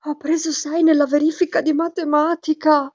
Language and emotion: Italian, fearful